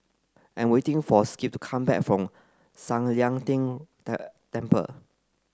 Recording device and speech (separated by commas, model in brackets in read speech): close-talking microphone (WH30), read sentence